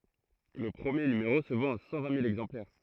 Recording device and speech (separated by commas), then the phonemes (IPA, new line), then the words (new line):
throat microphone, read sentence
lə pʁəmje nymeʁo sə vɑ̃t a sɑ̃ vɛ̃ mil ɛɡzɑ̃plɛʁ
Le premier numéro se vend à cent vingt mille exemplaires.